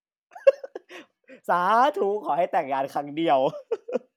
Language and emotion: Thai, happy